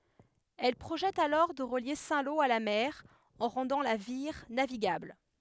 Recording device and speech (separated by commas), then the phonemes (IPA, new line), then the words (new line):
headset microphone, read sentence
ɛl pʁoʒɛt alɔʁ də ʁəlje sɛ̃ lo a la mɛʁ ɑ̃ ʁɑ̃dɑ̃ la viʁ naviɡabl
Elle projette alors de relier Saint-Lô à la mer en rendant la Vire navigable.